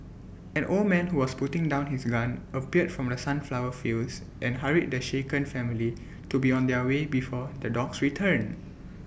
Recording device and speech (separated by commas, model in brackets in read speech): boundary microphone (BM630), read sentence